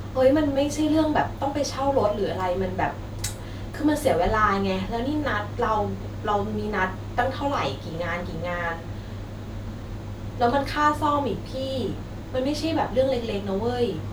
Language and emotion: Thai, frustrated